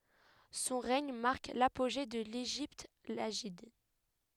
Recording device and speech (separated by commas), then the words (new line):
headset microphone, read sentence
Son règne marque l'apogée de l'Égypte lagide.